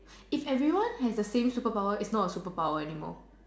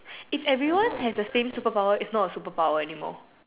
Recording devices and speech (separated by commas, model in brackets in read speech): standing microphone, telephone, conversation in separate rooms